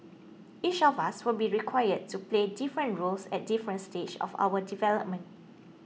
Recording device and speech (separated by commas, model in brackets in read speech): mobile phone (iPhone 6), read sentence